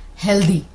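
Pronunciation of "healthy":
'Healthy' is pronounced incorrectly here.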